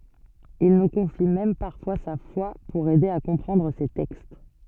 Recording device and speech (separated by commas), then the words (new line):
soft in-ear microphone, read sentence
Il nous confie même parfois sa foi pour aider à comprendre ses textes.